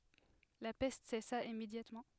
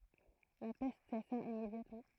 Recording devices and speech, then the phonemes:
headset microphone, throat microphone, read sentence
la pɛst sɛsa immedjatmɑ̃

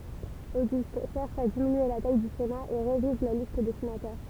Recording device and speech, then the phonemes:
temple vibration pickup, read sentence
oɡyst ʃɛʁʃ a diminye la taj dy sena e ʁeviz la list de senatœʁ

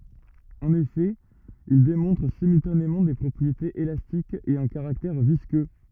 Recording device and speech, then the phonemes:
rigid in-ear microphone, read sentence
ɑ̃n efɛ il demɔ̃tʁ simyltanemɑ̃ de pʁɔpʁietez elastikz e œ̃ kaʁaktɛʁ viskø

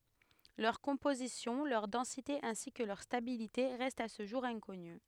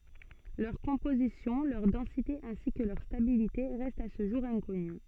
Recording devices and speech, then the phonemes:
headset microphone, soft in-ear microphone, read sentence
lœʁ kɔ̃pozisjɔ̃ lœʁ dɑ̃site ɛ̃si kə lœʁ stabilite ʁɛstt a sə ʒuʁ ɛ̃kɔny

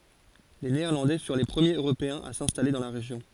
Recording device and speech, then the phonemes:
forehead accelerometer, read sentence
le neɛʁlɑ̃dɛ fyʁ le pʁəmjez øʁopeɛ̃z a sɛ̃stale dɑ̃ la ʁeʒjɔ̃

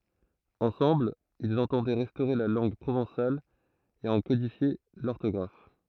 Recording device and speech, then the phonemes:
throat microphone, read sentence
ɑ̃sɑ̃bl ilz ɑ̃tɑ̃dɛ ʁɛstoʁe la lɑ̃ɡ pʁovɑ̃sal e ɑ̃ kodifje lɔʁtɔɡʁaf

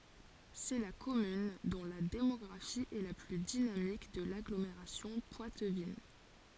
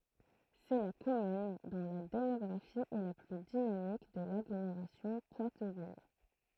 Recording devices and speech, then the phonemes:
forehead accelerometer, throat microphone, read sentence
sɛ la kɔmyn dɔ̃ la demɔɡʁafi ɛ la ply dinamik də laɡlomeʁasjɔ̃ pwatvin

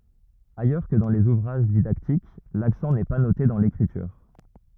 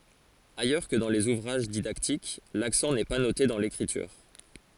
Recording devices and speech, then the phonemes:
rigid in-ear microphone, forehead accelerometer, read sentence
ajœʁ kə dɑ̃ lez uvʁaʒ didaktik laksɑ̃ nɛ pa note dɑ̃ lekʁityʁ

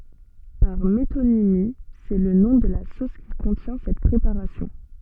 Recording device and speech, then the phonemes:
soft in-ear microphone, read sentence
paʁ metonimi sɛ lə nɔ̃ də la sos ki kɔ̃tjɛ̃ sɛt pʁepaʁasjɔ̃

